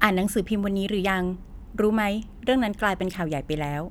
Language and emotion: Thai, neutral